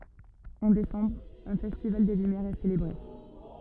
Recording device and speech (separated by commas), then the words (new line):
rigid in-ear microphone, read sentence
En décembre, un festival des lumières est célébré.